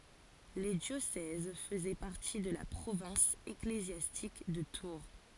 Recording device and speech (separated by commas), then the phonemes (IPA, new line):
forehead accelerometer, read sentence
le djosɛz fəzɛ paʁti də la pʁovɛ̃s eklezjastik də tuʁ